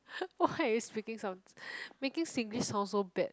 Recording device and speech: close-talking microphone, conversation in the same room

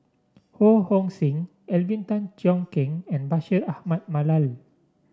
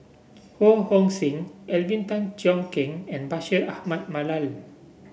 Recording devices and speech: standing microphone (AKG C214), boundary microphone (BM630), read sentence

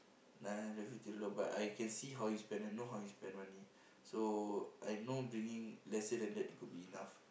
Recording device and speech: boundary microphone, conversation in the same room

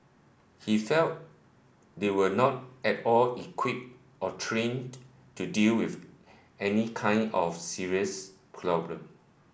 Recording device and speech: boundary microphone (BM630), read sentence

